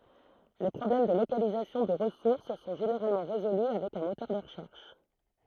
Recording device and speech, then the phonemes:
throat microphone, read sentence
le pʁɔblɛm də lokalizasjɔ̃ də ʁəsuʁs sɔ̃ ʒeneʁalmɑ̃ ʁezoly avɛk œ̃ motœʁ də ʁəʃɛʁʃ

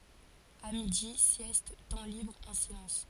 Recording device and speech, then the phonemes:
forehead accelerometer, read sentence
a midi sjɛst tɑ̃ libʁ ɑ̃ silɑ̃s

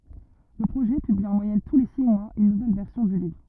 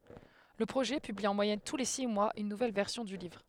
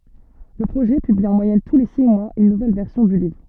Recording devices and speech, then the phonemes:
rigid in-ear microphone, headset microphone, soft in-ear microphone, read sentence
lə pʁoʒɛ pybli ɑ̃ mwajɛn tu le si mwaz yn nuvɛl vɛʁsjɔ̃ dy livʁ

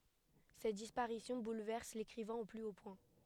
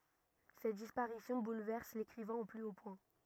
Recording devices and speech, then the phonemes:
headset microphone, rigid in-ear microphone, read sentence
sɛt dispaʁisjɔ̃ bulvɛʁs lekʁivɛ̃ o ply o pwɛ̃

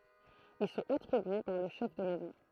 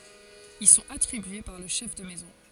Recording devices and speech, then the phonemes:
throat microphone, forehead accelerometer, read sentence
il sɔ̃t atʁibye paʁ lə ʃɛf də mɛzɔ̃

